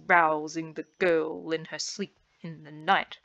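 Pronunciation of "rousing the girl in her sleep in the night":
'Rousing the girl in her sleep in the night' is said with a fast rhythm, with the driving pace of dactyls.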